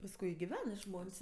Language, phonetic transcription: Lithuanian, pasˈkui i giˈven i ˈžmon's'

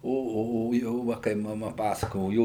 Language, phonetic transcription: Lithuanian, o o ˈjo ˈva kai maˈma ˈpasakojo ˈjo

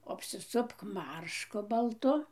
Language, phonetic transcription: Lithuanian, apsiˈsupk ˈmaršku balˈtu

